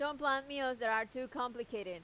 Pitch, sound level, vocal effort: 250 Hz, 94 dB SPL, loud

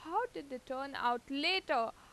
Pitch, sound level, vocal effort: 280 Hz, 89 dB SPL, loud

